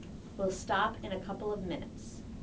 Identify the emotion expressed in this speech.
neutral